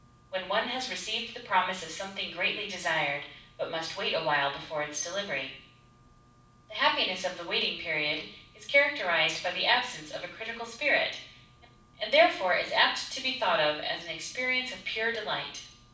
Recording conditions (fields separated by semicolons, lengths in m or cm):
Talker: one person; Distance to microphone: 5.8 m; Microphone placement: far; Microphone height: 1.8 m; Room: medium-sized (5.7 m by 4.0 m); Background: none